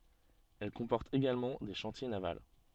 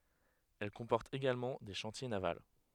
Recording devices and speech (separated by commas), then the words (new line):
soft in-ear microphone, headset microphone, read sentence
Elle comporte également des chantiers navals.